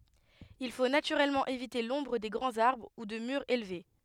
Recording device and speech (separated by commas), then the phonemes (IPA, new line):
headset microphone, read sentence
il fo natyʁɛlmɑ̃ evite lɔ̃bʁ de ɡʁɑ̃z aʁbʁ u də myʁz elve